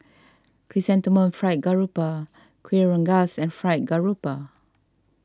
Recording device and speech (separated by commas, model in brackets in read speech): standing microphone (AKG C214), read sentence